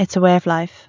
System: none